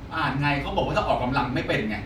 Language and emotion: Thai, frustrated